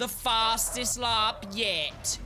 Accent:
British voice